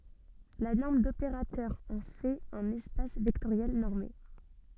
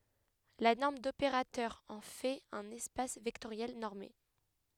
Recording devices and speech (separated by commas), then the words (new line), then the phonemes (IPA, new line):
soft in-ear microphone, headset microphone, read sentence
La norme d'opérateur en fait un espace vectoriel normé.
la nɔʁm dopeʁatœʁ ɑ̃ fɛt œ̃n ɛspas vɛktoʁjɛl nɔʁme